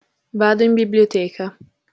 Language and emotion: Italian, neutral